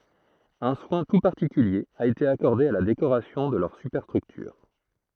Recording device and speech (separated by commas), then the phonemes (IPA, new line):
throat microphone, read sentence
œ̃ swɛ̃ tu paʁtikylje a ete akɔʁde a la dekoʁasjɔ̃ də lœʁ sypɛʁstʁyktyʁ